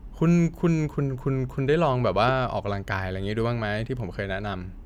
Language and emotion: Thai, neutral